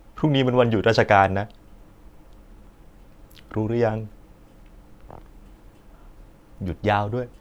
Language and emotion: Thai, sad